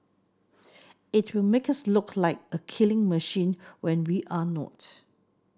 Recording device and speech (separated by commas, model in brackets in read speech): standing microphone (AKG C214), read sentence